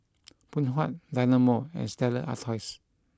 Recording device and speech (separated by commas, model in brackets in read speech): close-talking microphone (WH20), read sentence